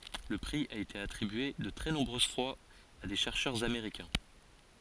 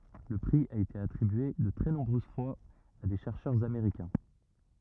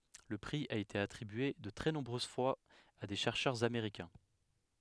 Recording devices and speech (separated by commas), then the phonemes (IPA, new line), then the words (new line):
forehead accelerometer, rigid in-ear microphone, headset microphone, read sentence
lə pʁi a ete atʁibye də tʁɛ nɔ̃bʁøz fwaz a de ʃɛʁʃœʁz ameʁikɛ̃
Le prix a été attribué de très nombreuses fois à des chercheurs américains.